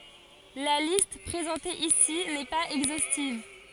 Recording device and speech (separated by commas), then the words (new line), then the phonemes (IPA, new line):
forehead accelerometer, read sentence
La liste présentée ici n'est pas exhaustive.
la list pʁezɑ̃te isi nɛ paz ɛɡzostiv